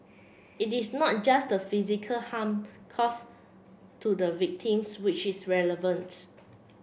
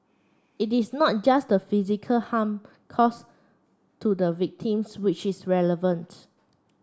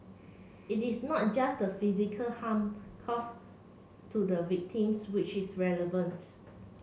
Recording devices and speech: boundary microphone (BM630), standing microphone (AKG C214), mobile phone (Samsung C7), read sentence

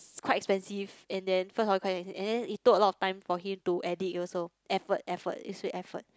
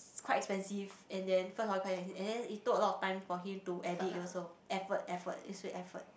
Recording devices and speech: close-talking microphone, boundary microphone, conversation in the same room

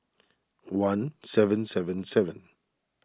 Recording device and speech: standing microphone (AKG C214), read sentence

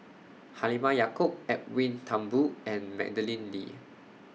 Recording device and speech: mobile phone (iPhone 6), read sentence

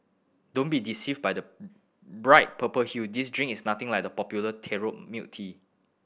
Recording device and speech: boundary microphone (BM630), read sentence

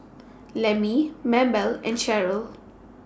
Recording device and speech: standing microphone (AKG C214), read sentence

